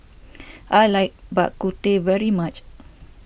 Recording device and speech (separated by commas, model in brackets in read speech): boundary microphone (BM630), read sentence